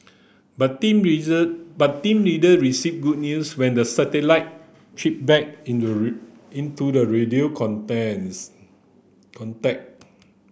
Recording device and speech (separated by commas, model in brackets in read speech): boundary microphone (BM630), read sentence